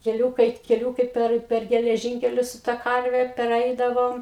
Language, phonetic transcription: Lithuanian, keˈliūkai keˈliūkai ˈper per geleˈžynkelius su ta ˈkarve perˈeidavom

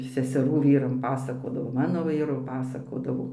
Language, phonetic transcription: Lithuanian, seseˈrų ˈvyram ˈpasakodavo ˈmano ˈvyru ˈpasakodavo

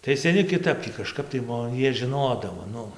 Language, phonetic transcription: Lithuanian, tai seˈni kiˈtap tį kaˈžkap tai ˈmo ˈjie žiˈnodavo ˈnu

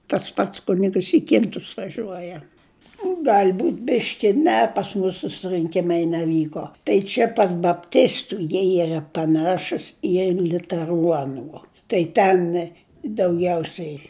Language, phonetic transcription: Lithuanian, tas ˈpats ˈkunigəs i ˈkintus vaˈžiuoja ˈgal' ˈbūt' ˈbiški ˈne pas ˈmus susrɨnˈkimai neˈvyko tai ˈčia par bapˈtistu jie ˈyra paˈnašus i liuteˈruonų tai ˈten dauˈgiausiai

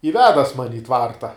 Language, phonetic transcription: Lithuanian, i ˈvedas ˈmani i ˈtvarta

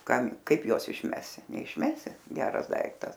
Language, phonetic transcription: Lithuanian, ˈkam ˈkaip ˈjuos išˈmesi neišˈmesi ˈgeras ˈdaiktas

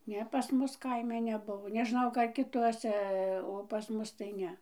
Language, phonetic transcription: Lithuanian, ˈne pas ˈmus ˈkaime neˈbuvo neˈžnau ˈka kiˈtuose o pas ˈmus tai ˈne

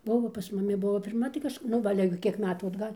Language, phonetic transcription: Lithuanian, ˈbuvo pas muˈmi ˈbuvo pirˈma tai kažˈk nu ˈva ˈale gi ˈkiek ˈmetų atˈgal'

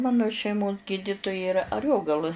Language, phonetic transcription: Lithuanian, ˈmano šeiˈmos ˈgydituja iˈra aˈriogalɨ

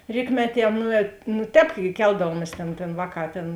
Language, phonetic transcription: Lithuanian, ˈrykmeˌtie ˈnūet nu ˈtēp gi ˈkeldavuomies tėn tėn ˈvāˌkā ˈtėn

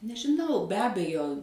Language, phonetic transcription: Lithuanian, nežiˈnau be ˈabejo

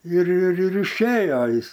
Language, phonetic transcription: Lithuanian, ir ir ir išˈėjo ˈjis

